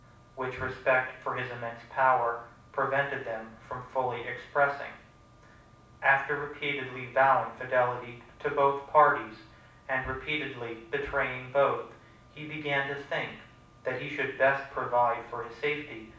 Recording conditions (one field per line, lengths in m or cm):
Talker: one person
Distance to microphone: 5.8 m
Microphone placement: far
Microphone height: 1.8 m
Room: medium-sized (5.7 m by 4.0 m)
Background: none